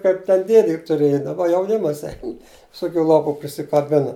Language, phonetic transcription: Lithuanian, kaip ten ˈdėdė juk tuˈrėja daˈba jauˈnimas ˈein viˈsokiu ˈlopu prisikaˈbina

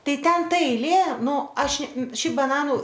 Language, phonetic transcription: Lithuanian, ˈtai ˈten ˈta eiˈlė ˈnū ˈaš ˈšiaip baˈnanu

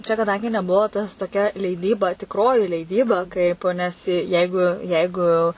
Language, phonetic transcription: Lithuanian, čia kaˈdangi neˈbuo ˈtas toˈkia leiˈdyba tikˈroji leiˈdyba ˈkaip nes ˈjeigu ˈjeigu

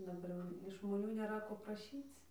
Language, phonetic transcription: Lithuanian, daˈbar jau iš žmoˈnių nėˈra ˈko praˈšyc

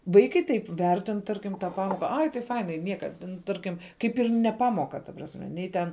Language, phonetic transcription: Lithuanian, ˈvaikai ˈtaip ˈvertin ˈtarkim tą ˈpamoka ˈai tai ˈfainai ˈnieka ten ˈtarkim ˈkaip ir ne ˈpamoka ta prasˈme ˈnei ten

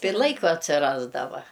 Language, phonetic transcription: Lithuanian, ˈtai ir ˈlaiko atsiˈrasdava

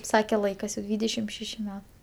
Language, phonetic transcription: Lithuanian, ˈsake ˈlaikas jau ˈdvydešim ˈšeši ˈme

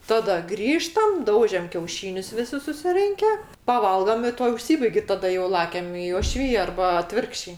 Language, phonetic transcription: Lithuanian, ˈtada ˈgrįžtam ˈdaužiam kiauˈšynius viˈsi susiˈrinke paˈvalgam i ˈtuo užˈsybaig' i taˈda jo ˈlakiam i oˈšvija ˈarba aˈtvirkščiai

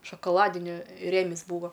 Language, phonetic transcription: Lithuanian, šokoˈladini ˈrėmis ˈbūva

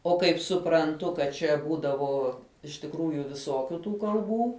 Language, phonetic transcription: Lithuanian, o ˈkaip supranˈtu kad ˈčia ˈbūdavo iš tikˈrųju viˈsokiu ˈtų kalˈbų

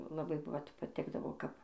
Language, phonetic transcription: Lithuanian, laˈbai ˈvat paˈtikdavo ˈkap

